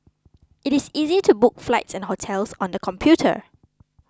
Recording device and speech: close-talking microphone (WH20), read sentence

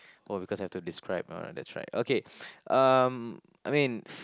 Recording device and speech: close-talking microphone, conversation in the same room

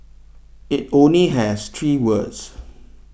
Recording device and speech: boundary microphone (BM630), read sentence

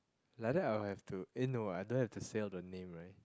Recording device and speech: close-talking microphone, conversation in the same room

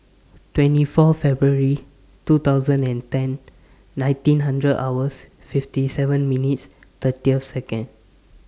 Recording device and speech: standing microphone (AKG C214), read sentence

